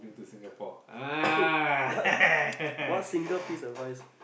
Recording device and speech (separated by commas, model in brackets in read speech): boundary microphone, conversation in the same room